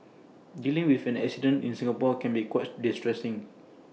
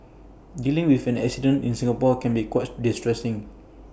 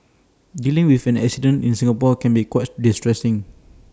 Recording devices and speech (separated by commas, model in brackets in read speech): mobile phone (iPhone 6), boundary microphone (BM630), standing microphone (AKG C214), read sentence